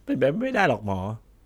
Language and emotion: Thai, sad